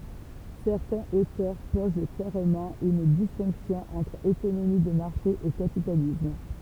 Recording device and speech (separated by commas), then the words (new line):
temple vibration pickup, read sentence
Certains auteurs posent clairement une distinction entre économie de marché et capitalisme.